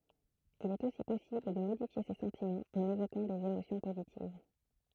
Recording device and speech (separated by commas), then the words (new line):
throat microphone, read sentence
Il est aussi possible de modifier ses sentiments en évoquant des émotions positives.